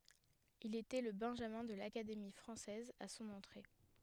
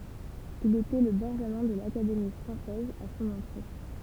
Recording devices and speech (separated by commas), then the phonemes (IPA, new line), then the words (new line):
headset microphone, temple vibration pickup, read sentence
il etɛ lə bɛ̃ʒamɛ̃ də lakademi fʁɑ̃sɛz a sɔ̃n ɑ̃tʁe
Il était le benjamin de l'Académie française à son entrée.